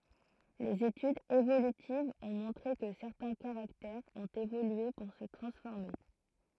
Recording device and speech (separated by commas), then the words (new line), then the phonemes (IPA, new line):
throat microphone, read sentence
Les études évolutives ont montré que certains caractères ont évolué pour se transformer.
lez etydz evolytivz ɔ̃ mɔ̃tʁe kə sɛʁtɛ̃ kaʁaktɛʁz ɔ̃t evolye puʁ sə tʁɑ̃sfɔʁme